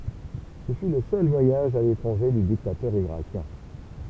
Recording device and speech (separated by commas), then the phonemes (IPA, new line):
temple vibration pickup, read sentence
sə fy lə sœl vwajaʒ a letʁɑ̃ʒe dy diktatœʁ iʁakjɛ̃